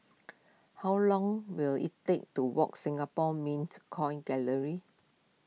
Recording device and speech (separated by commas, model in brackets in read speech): mobile phone (iPhone 6), read sentence